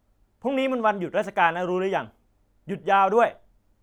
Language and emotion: Thai, angry